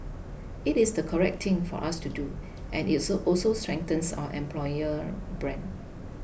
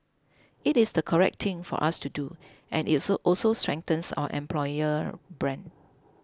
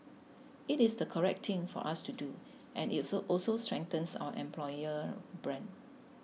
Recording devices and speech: boundary microphone (BM630), close-talking microphone (WH20), mobile phone (iPhone 6), read sentence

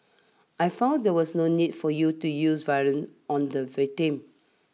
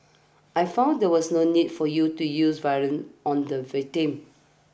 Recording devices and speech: mobile phone (iPhone 6), boundary microphone (BM630), read sentence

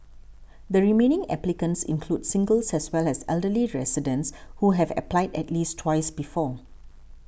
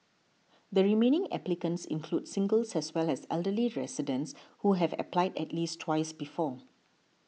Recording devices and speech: boundary microphone (BM630), mobile phone (iPhone 6), read sentence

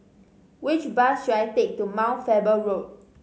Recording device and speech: mobile phone (Samsung C5010), read sentence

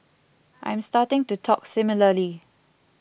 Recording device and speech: boundary microphone (BM630), read sentence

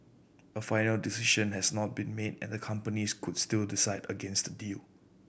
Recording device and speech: boundary microphone (BM630), read sentence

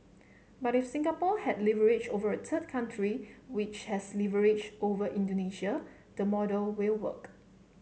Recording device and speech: mobile phone (Samsung C7), read sentence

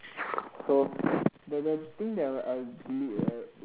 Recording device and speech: telephone, conversation in separate rooms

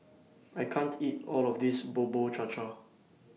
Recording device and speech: mobile phone (iPhone 6), read sentence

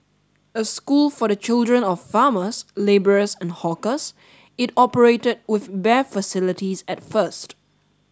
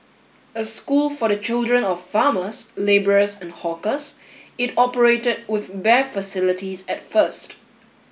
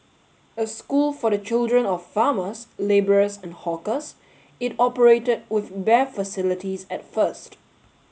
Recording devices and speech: standing microphone (AKG C214), boundary microphone (BM630), mobile phone (Samsung S8), read sentence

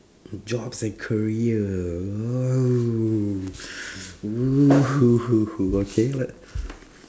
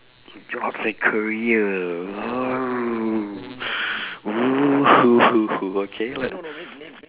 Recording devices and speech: standing microphone, telephone, conversation in separate rooms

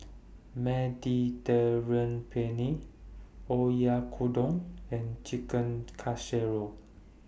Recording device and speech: boundary microphone (BM630), read sentence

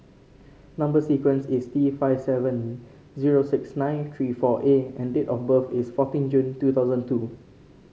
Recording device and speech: mobile phone (Samsung C5), read sentence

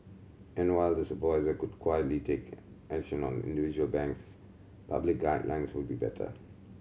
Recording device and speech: mobile phone (Samsung C7100), read sentence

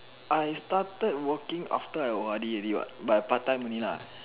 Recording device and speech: telephone, conversation in separate rooms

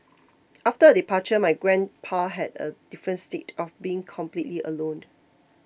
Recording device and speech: boundary microphone (BM630), read sentence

